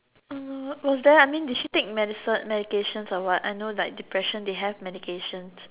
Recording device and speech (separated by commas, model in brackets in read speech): telephone, conversation in separate rooms